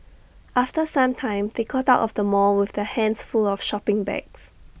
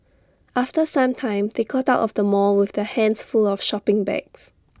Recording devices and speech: boundary microphone (BM630), standing microphone (AKG C214), read sentence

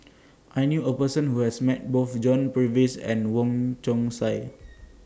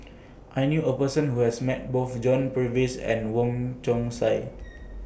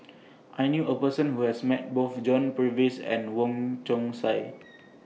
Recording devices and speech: standing microphone (AKG C214), boundary microphone (BM630), mobile phone (iPhone 6), read sentence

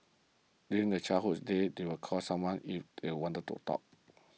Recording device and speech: mobile phone (iPhone 6), read sentence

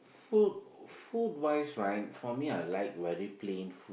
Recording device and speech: boundary microphone, conversation in the same room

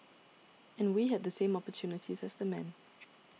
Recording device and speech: mobile phone (iPhone 6), read sentence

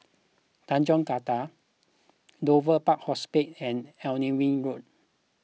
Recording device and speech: mobile phone (iPhone 6), read sentence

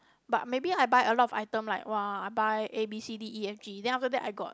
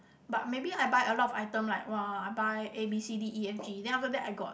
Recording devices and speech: close-talking microphone, boundary microphone, conversation in the same room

